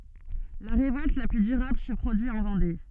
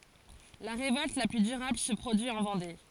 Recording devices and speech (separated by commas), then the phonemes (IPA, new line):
soft in-ear microphone, forehead accelerometer, read sentence
la ʁevɔlt la ply dyʁabl sə pʁodyi ɑ̃ vɑ̃de